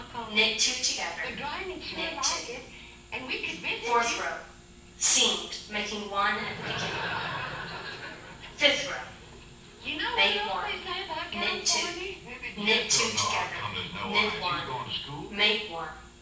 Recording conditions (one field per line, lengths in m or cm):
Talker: one person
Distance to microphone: 9.8 m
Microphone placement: far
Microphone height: 1.8 m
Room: large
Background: television